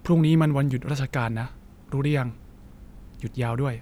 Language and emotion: Thai, sad